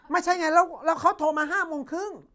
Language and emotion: Thai, angry